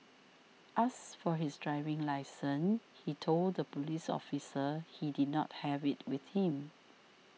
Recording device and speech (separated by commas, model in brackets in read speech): mobile phone (iPhone 6), read sentence